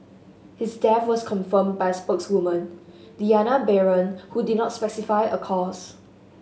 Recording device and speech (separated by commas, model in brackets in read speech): mobile phone (Samsung S8), read sentence